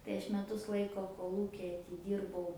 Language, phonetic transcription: Lithuanian, tai ˈaš meˈtus ˈlaiko koˈlūki atiˈdyrbau

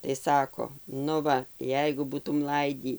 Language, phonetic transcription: Lithuanian, tai ˈsako nu ˈva ˈjeigu ˈbūtum ˈlaidį

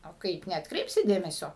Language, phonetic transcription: Lithuanian, o ˈkaip neatkˈreipsi ˈdėmesio

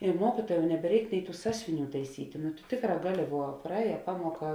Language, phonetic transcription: Lithuanian, i ˈmuokituojam nebeˈreik ˈnei ˈtų ˈsąsiuviˌnių taiˈsytė nu tu ˈtėkˌrā ˈgaˌli vuo praˈēja ˈpamuoˌka

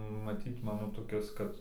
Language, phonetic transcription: Lithuanian, maˈtyt ˈmano toˈkis ˈkad

